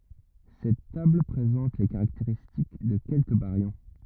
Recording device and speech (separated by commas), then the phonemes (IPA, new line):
rigid in-ear microphone, read sentence
sɛt tabl pʁezɑ̃t le kaʁakteʁistik də kɛlkə baʁjɔ̃